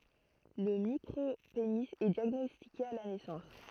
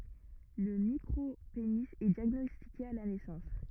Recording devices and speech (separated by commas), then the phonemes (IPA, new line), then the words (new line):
throat microphone, rigid in-ear microphone, read sentence
lə mikʁopeni ɛ djaɡnɔstike a la nɛsɑ̃s
Le micropénis est diagnostiqué à la naissance.